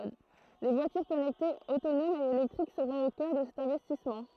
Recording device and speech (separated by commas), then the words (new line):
throat microphone, read sentence
Voitures connectées, autonomes et électriques seront au coeur de cet investissement.